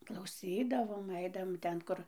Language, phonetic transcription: Lithuanian, klauˈsydavom ˈaidavom ˈten ˈkur

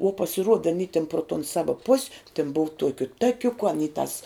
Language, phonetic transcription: Lithuanian, uo pasiˈruoda aˈny tin pro ton ˈsava pus' tin bov ˈtuokiu ˈtakiuku aˈny tas

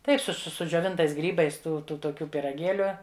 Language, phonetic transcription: Lithuanian, ˈtaip su su sudžioˈvintais ˈgrybais ˈtų ˈtu toˈkių pyraˈgėliu

